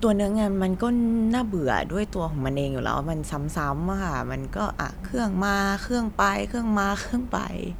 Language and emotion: Thai, frustrated